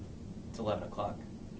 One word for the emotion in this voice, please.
neutral